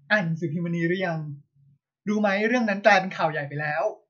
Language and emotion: Thai, neutral